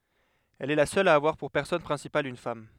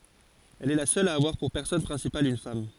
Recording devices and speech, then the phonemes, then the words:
headset microphone, forehead accelerometer, read sentence
ɛl ɛ la sœl a avwaʁ puʁ pɛʁsɔnaʒ pʁɛ̃sipal yn fam
Elle est la seule à avoir pour personnage principal une femme.

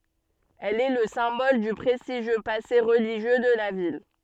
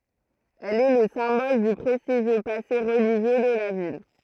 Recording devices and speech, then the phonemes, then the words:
soft in-ear microphone, throat microphone, read sentence
ɛl ɛ lə sɛ̃bɔl dy pʁɛstiʒjø pase ʁəliʒjø də la vil
Elle est le symbole du prestigieux passé religieux de la ville.

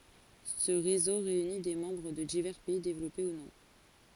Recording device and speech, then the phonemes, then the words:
forehead accelerometer, read sentence
sə ʁezo ʁeyni de mɑ̃bʁ də divɛʁ pɛi devlɔpe u nɔ̃
Ce réseau réunit des membres de divers pays développés ou non.

